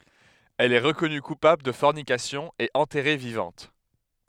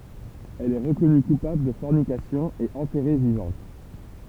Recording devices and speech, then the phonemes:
headset microphone, temple vibration pickup, read sentence
ɛl ɛ ʁəkɔny kupabl də fɔʁnikasjɔ̃ e ɑ̃tɛʁe vivɑ̃t

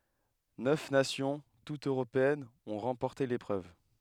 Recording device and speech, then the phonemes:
headset microphone, read sentence
nœf nasjɔ̃ tutz øʁopeɛnz ɔ̃ ʁɑ̃pɔʁte lepʁøv

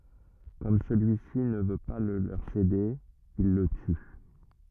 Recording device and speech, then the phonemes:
rigid in-ear microphone, read sentence
kɔm səlyisi nə vø pa lə løʁ sede il lə ty

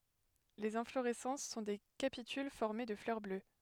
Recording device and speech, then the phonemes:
headset microphone, read sentence
lez ɛ̃floʁɛsɑ̃s sɔ̃ de kapityl fɔʁme də flœʁ blø

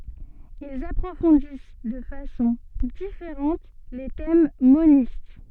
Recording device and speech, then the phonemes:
soft in-ear microphone, read sentence
ilz apʁofɔ̃dis də fasɔ̃ difeʁɑ̃t le tɛm monist

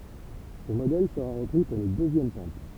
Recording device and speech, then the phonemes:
temple vibration pickup, read sentence
sə modɛl səʁa ʁəpʁi puʁ lə døzjɛm tɑ̃pl

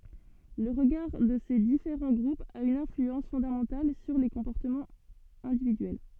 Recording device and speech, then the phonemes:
soft in-ear microphone, read sentence
lə ʁəɡaʁ də se difeʁɑ̃ ɡʁupz a yn ɛ̃flyɑ̃s fɔ̃damɑ̃tal syʁ le kɔ̃pɔʁtəmɑ̃z ɛ̃dividyɛl

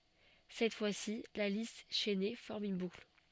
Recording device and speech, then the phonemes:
soft in-ear microphone, read sentence
sɛt fwasi la list ʃɛne fɔʁm yn bukl

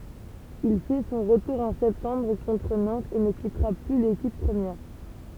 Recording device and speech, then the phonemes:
temple vibration pickup, read sentence
il fɛ sɔ̃ ʁətuʁ ɑ̃ sɛptɑ̃bʁ kɔ̃tʁ nɑ̃tz e nə kitʁa ply lekip pʁəmjɛʁ

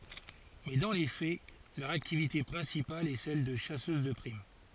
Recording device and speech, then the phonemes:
forehead accelerometer, read sentence
mɛ dɑ̃ le fɛ lœʁ aktivite pʁɛ̃sipal ɛ sɛl də ʃasøz də pʁim

